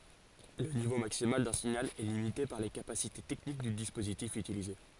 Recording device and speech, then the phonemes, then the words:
forehead accelerometer, read sentence
lə nivo maksimal dœ̃ siɲal ɛ limite paʁ le kapasite tɛknik dy dispozitif ytilize
Le niveau maximal d'un signal est limité par les capacités techniques du dispositif utilisé.

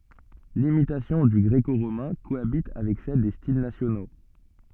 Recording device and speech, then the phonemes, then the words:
soft in-ear microphone, read sentence
limitasjɔ̃ dy ɡʁeko ʁomɛ̃ koabit avɛk sɛl de stil nasjono
L'imitation du gréco-romain cohabite avec celle des styles nationaux.

